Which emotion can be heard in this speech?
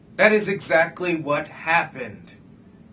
angry